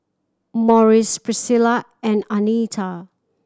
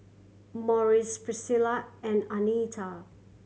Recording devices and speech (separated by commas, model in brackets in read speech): standing microphone (AKG C214), mobile phone (Samsung C7100), read sentence